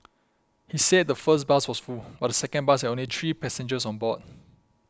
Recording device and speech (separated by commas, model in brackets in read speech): close-talking microphone (WH20), read sentence